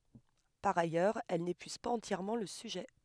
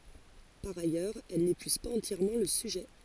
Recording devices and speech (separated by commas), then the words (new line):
headset microphone, forehead accelerometer, read sentence
Par ailleurs, elles n'épuisent pas entièrement le sujet.